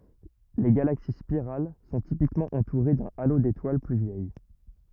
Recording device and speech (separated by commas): rigid in-ear microphone, read sentence